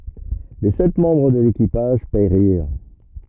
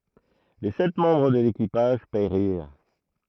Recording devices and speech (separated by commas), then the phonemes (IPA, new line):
rigid in-ear microphone, throat microphone, read sentence
le sɛt mɑ̃bʁ də lekipaʒ peʁiʁ